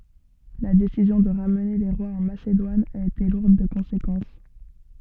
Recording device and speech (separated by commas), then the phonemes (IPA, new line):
soft in-ear microphone, read sentence
la desizjɔ̃ də ʁamne le ʁwaz ɑ̃ masedwan a ete luʁd də kɔ̃sekɑ̃s